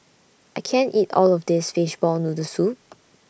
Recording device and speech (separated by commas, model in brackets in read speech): boundary microphone (BM630), read sentence